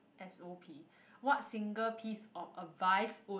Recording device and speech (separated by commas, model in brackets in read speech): boundary microphone, conversation in the same room